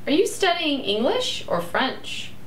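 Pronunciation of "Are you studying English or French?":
The question 'Are you studying English or French?' is said with a rising and falling intonation.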